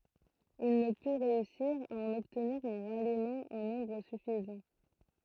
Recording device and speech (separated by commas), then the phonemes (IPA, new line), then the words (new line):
throat microphone, read sentence
il nə py ʁeysiʁ a ɑ̃n ɔbtniʁ œ̃ ʁalimɑ̃ ɑ̃ nɔ̃bʁ syfizɑ̃
Il ne put réussir à en obtenir un ralliement en nombre suffisant.